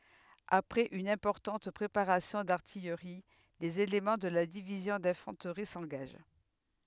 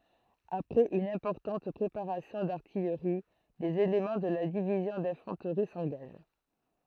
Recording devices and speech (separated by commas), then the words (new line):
headset microphone, throat microphone, read sentence
Après une importante préparation d'artillerie, les éléments de la Division d’Infanterie s’engagent.